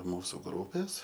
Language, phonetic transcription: Lithuanian, ˈmūsu ˈgrūpės

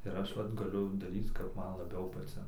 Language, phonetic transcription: Lithuanian, ir ˈaš ˈvat gaˈliu daˈryc kap ˈman laˈbiau paˈcin

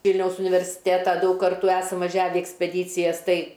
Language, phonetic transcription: Lithuanian, ˈvylniaus universˈitėta ˈdaug ˈkartų ˈesam vaˈžiave i ekspeˈdycijas ˈtai

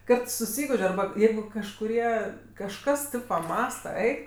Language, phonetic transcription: Lithuanian, ˈkad suˈsyguž' arˈba ˈjeigu kažkuˈrie kažˈkas tɜ paˈmąsta ˈeik

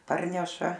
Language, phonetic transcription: Lithuanian, ˈparneša

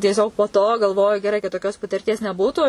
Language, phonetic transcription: Lithuanian, tieˈsiog po to galˈvoju geˈrai kad toˈkios patirˈties neˈbūtų

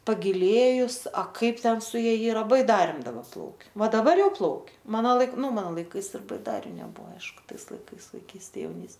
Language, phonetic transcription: Lithuanian, pagiˈlėjus a ˈkaip ˈten su ˈja ˈyra baiˈdarėm daˈba ˈplaukia ˈva daˈbar ˈjau ˈplaukia ˈmano ˈlaik ˈnu ˈmano laiˈkais ir baiˈdariu neˈbuvo ˈaišku ˈtais laiˈkais vaiˈkystė jauˈnys

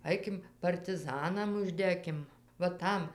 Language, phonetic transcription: Lithuanian, ˈaikim partiˈzanam užˈdekim va ˈtam

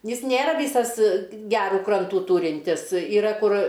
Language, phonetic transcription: Lithuanian, ˈjis ˈnėra ˈvysas ˈgerų ˈkrantų ˈtūrintis yˈra ˈkur

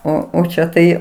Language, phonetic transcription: Lithuanian, ˈo o ˈčia tai

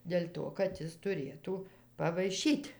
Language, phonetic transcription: Lithuanian, del' ˈto kad ˈjis tuˈrėtų pavaiˈšyt'

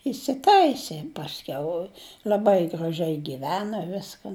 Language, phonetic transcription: Lithuanian, isiˈtaisė pasˈkiau l'aˈbai graˈžiai giˈvena ˈviskan

